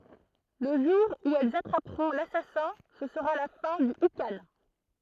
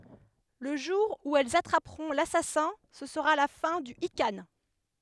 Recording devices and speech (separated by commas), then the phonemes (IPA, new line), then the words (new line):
throat microphone, headset microphone, read sentence
lə ʒuʁ u ɛlz atʁapʁɔ̃ lasasɛ̃ sə səʁa la fɛ̃ dy ikɑ̃
Le jour où elles attraperont l'assassin, ce sera la fin du ikhan.